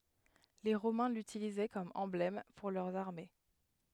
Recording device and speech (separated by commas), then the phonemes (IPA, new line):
headset microphone, read sentence
le ʁomɛ̃ lytilizɛ kɔm ɑ̃blɛm puʁ lœʁz aʁme